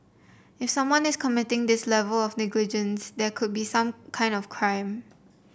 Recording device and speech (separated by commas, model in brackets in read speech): boundary microphone (BM630), read sentence